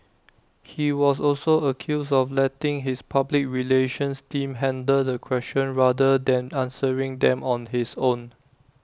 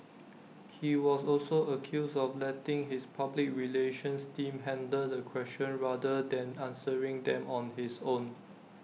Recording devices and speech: standing microphone (AKG C214), mobile phone (iPhone 6), read sentence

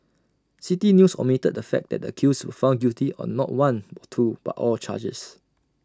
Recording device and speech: standing microphone (AKG C214), read sentence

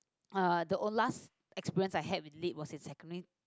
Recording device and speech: close-talking microphone, conversation in the same room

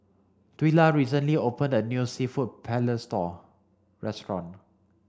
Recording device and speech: standing microphone (AKG C214), read sentence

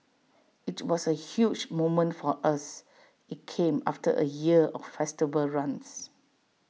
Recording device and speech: mobile phone (iPhone 6), read sentence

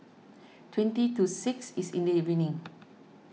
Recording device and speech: mobile phone (iPhone 6), read sentence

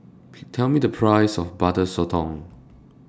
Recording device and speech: standing microphone (AKG C214), read sentence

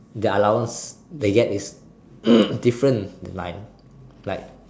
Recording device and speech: standing microphone, conversation in separate rooms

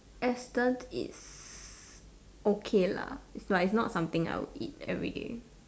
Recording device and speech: standing microphone, conversation in separate rooms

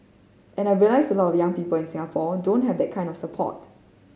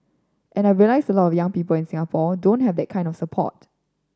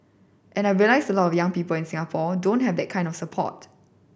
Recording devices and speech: mobile phone (Samsung C5010), standing microphone (AKG C214), boundary microphone (BM630), read sentence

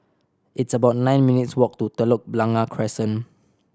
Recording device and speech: standing microphone (AKG C214), read sentence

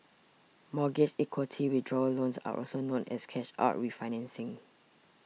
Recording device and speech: mobile phone (iPhone 6), read sentence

